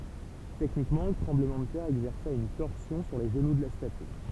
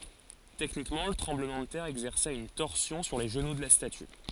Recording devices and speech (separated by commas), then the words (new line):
temple vibration pickup, forehead accelerometer, read sentence
Techniquement, le tremblement de terre exerça une torsion sur les genoux de la statue.